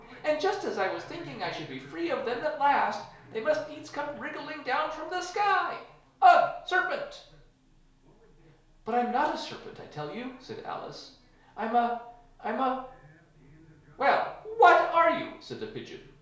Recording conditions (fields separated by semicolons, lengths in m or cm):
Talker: one person; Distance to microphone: 1.0 m; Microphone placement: close; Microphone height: 1.1 m; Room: small (3.7 m by 2.7 m); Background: television